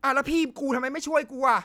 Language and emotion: Thai, angry